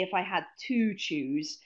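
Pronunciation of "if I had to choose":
In 'if I had to choose', the little word 'to' keeps its full form and is not reduced to the weak schwa sound. That is not how the phrase would normally be said.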